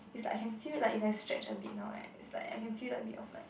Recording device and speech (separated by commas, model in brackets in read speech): boundary microphone, conversation in the same room